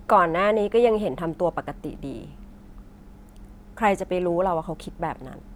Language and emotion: Thai, neutral